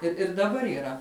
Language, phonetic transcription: Lithuanian, ir ir daˈbar yˈra

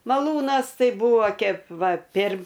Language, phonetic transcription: Lithuanian, maˈlūnas ˈtai ˈbūvo ˈkėp ˈva pėr

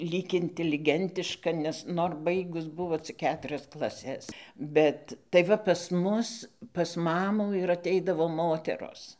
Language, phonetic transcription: Lithuanian, ˈlyg inteliˈgentiška nes ˈnor ˈbaigus ˈbuvo cik ˈketrias klaˈses ˈbet tai ˈva pas ˈmus pas ˈmamų ir aˈteidavo ˈmoteros

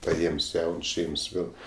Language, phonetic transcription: Lithuanian, paˈėms ˈjauns ˈšeims ˈnu

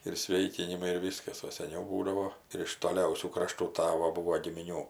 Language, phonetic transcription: Lithuanian, ir ˈsvėikinimai ir ˈvyskas o seˈniau ˈbūdavo ir iš toˈliausių kraˈštų ˈtavo ˈbuvo gimiˈnių

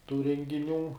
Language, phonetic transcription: Lithuanian, tų rengiˈnių

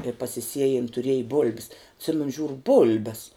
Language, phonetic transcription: Lithuanian, i pasiˈsiejin tuˈrieji bul'b's atˈsimenu ˈžiūru ˈbul'bes

